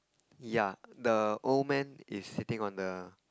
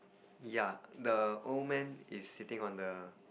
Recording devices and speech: close-talking microphone, boundary microphone, conversation in the same room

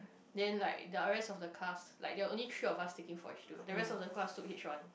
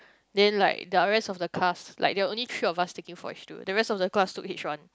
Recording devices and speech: boundary microphone, close-talking microphone, conversation in the same room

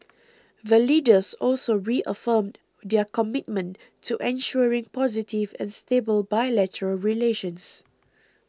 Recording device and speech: close-talking microphone (WH20), read sentence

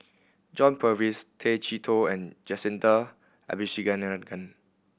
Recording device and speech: boundary microphone (BM630), read sentence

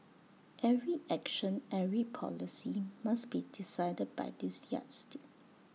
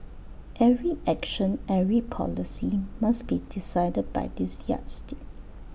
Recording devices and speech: mobile phone (iPhone 6), boundary microphone (BM630), read sentence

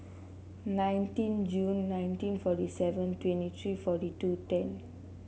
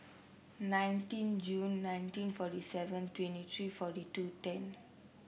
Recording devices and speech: mobile phone (Samsung C7), boundary microphone (BM630), read sentence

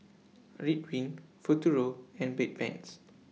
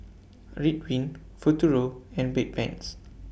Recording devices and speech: mobile phone (iPhone 6), boundary microphone (BM630), read sentence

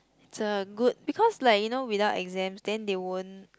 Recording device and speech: close-talking microphone, conversation in the same room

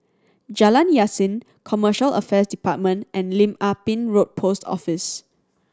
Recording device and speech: standing microphone (AKG C214), read sentence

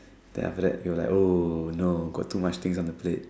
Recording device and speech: standing microphone, conversation in separate rooms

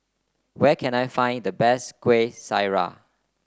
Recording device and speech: close-talking microphone (WH30), read sentence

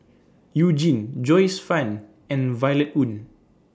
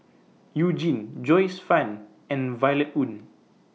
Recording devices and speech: standing microphone (AKG C214), mobile phone (iPhone 6), read sentence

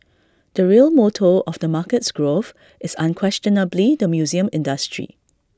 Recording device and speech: standing microphone (AKG C214), read sentence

